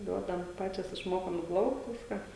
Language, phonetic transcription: Lithuanian, ˈduodam ˈpačios išˈmokom i ˈplaukt ˈviską

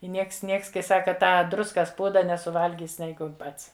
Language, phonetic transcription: Lithuanian, i ˈnieks ˈnieks kai ˈsaka ˈtą ˈdruskas ˈpūda nesuˈvalgys ˈneigu ˈpats

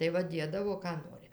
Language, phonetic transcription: Lithuanian, tai ˈva ˈdiedavo ką ˈnori

